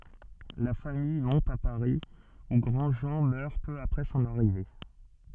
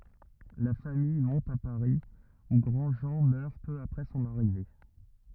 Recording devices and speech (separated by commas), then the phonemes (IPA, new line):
soft in-ear microphone, rigid in-ear microphone, read sentence
la famij mɔ̃t a paʁi u ɡʁɑ̃dʒɑ̃ mœʁ pø apʁɛ sɔ̃n aʁive